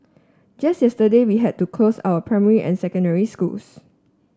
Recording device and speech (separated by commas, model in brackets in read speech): standing microphone (AKG C214), read sentence